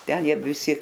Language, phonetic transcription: Lithuanian, ˈten ˈjie viˈsi

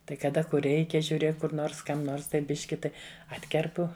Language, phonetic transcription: Lithuanian, ˈtai kaˈda kur ˈreikia žiūˈrėk ˈkur ˈnors ˈkam ˈnors tai ˈbiški ˈtai ˈatkerpu

